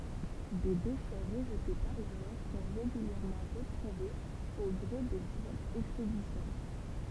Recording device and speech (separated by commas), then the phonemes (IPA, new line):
temple vibration pickup, read sentence
de deʃɛ ʁəʒte paʁ la mɛʁ sɔ̃ ʁeɡyljɛʁmɑ̃ ʁətʁuvez o ɡʁe de divɛʁsz ɛkspedisjɔ̃